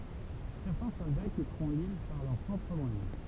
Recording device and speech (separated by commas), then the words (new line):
temple vibration pickup, read sentence
Certains soldats quitteront l'île par leurs propres moyens.